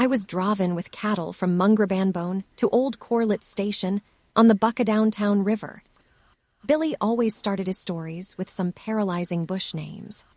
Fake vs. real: fake